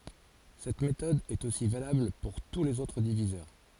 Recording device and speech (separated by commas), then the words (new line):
forehead accelerometer, read sentence
Cette méthode est aussi valable pour tous les autres diviseurs.